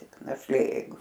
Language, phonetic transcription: Lithuanian, tik našˈlė jeiˈgu

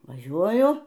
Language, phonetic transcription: Lithuanian, vaˈžiuoju

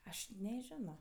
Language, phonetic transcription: Lithuanian, ˈaš neˈženo

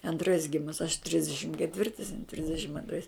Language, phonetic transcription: Lithuanian, anˈtrais ˈgimus aš ˈtrisdešim keˈtvirtais ˈtrisdešim anˈtrais

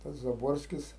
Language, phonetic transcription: Lithuanian, tas zaˈborskis

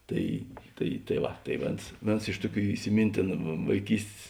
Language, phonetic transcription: Lithuanian, ˈtai ˈtai tai ˈva tai ˈvėns ˈvėns ˈiš tuˌkių isiˈmyntėnu vaiˈkystės

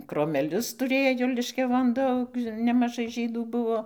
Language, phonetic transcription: Lithuanian, kromeˈlius tuˈrėjo liškiaˈvon ˈdaug nemaˈžai ˈžydų ˈbuvo

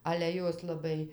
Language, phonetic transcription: Lithuanian, ale ˈjos laˈbai

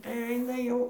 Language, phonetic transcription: Lithuanian, tai ˈaina ˈjau

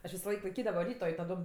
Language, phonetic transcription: Lithuanian, aš visoˈlaik laiˈkydavo ˈryto i taˈdom

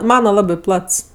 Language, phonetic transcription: Lithuanian, ˈmana ˈlabi ˈplats

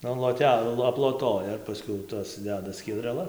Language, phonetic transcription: Lithuanian, an loˈte aploˈtoja ir paˈskiau ˈtas ˈdeda skiedreˈlas

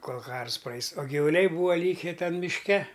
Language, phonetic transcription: Lithuanian, ˈkol ˈkars ˈprais o givuˈliai ˈbūva ˈlyke ˈten mišˈke

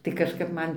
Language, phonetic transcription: Lithuanian, tai kažˈkap ˈman

